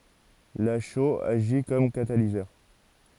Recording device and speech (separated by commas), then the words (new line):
forehead accelerometer, read sentence
La chaux agit comme catalyseur.